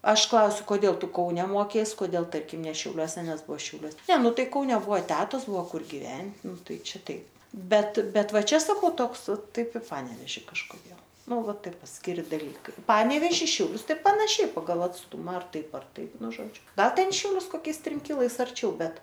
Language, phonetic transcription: Lithuanian, ˈaš ˈklausiu koˈdėl ˈtu ˈkaune ˈmokeis koˈdėl ˈtarkim ne šiauˈliuose ˈnes ˈbuvo šiauˈliuos ne ˈnu ˈtai kauˈne ˈbuvo ˈtetos ˈbuvo ˈkur giˈven ˈnu ˈtai ˈčia ˈtaip ˈbet ˈbet ˈva ˈčia saˈkau ˈtoks ˈtaip i ˈpaneveži kažkoˈdėl ˈnu ˈva ˈtaip paskiˈri daˈlykai ˈpaneveži šiauˈlius ˈtai panaˈšiai paˈgal atsˈtuma ar ˈtaip ar ˈtaip ˈnu ˈžodžiu ˈgal ˈten i šiauˈlius koˈkiais ˈtrim ˈkilais arˈčiau ˈbet

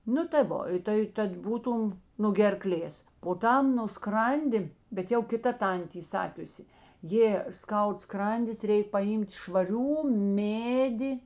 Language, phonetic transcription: Lithuanian, ˈnu tai ˈvo tai ˈtad ˈbūˌtūm nu gerˈklės po ˈtam nu ˈskrandi bet ˈjau kita ˈtantė y ˈsakiusi ˈjė ˈskaud ˈskrandis ˈreik paˈjym't' švaˈrių ˈmėdi

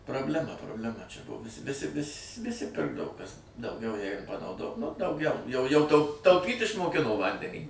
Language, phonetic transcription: Lithuanian, prableˈma probleˈma čia ˈbuvusi viˈsi vis viˈsi ˈpirkdavo ˈkas dauˈgiau ˈjeigu panauˈdo nu dauˈgiau jau jau tau tauˈpyt' išmoˈkino ˈvandenį

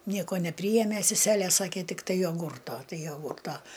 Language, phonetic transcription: Lithuanian, ˈnieko neˈpryjėmė seˈselė ˈsakė tikˈtai joˈgūrto ˈtai joˈgurˌta

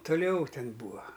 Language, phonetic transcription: Lithuanian, tuˈliau ˈten ˈbūa

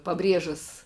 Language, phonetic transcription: Lithuanian, paˈbriežas

